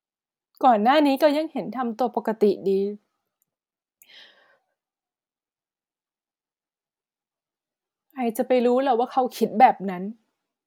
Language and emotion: Thai, sad